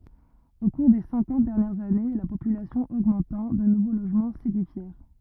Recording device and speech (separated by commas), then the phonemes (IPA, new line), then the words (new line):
rigid in-ear microphone, read sentence
o kuʁ de sɛ̃kɑ̃t dɛʁnjɛʁz ane la popylasjɔ̃ oɡmɑ̃tɑ̃ də nuvo loʒmɑ̃ sedifjɛʁ
Au cours des cinquante dernières années, la population augmentant, de nouveaux logements s’édifièrent.